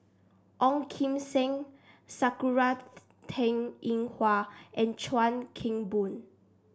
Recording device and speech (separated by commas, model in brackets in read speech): standing microphone (AKG C214), read sentence